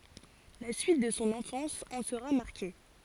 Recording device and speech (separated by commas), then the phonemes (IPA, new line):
forehead accelerometer, read sentence
la syit də sɔ̃ ɑ̃fɑ̃s ɑ̃ səʁa maʁke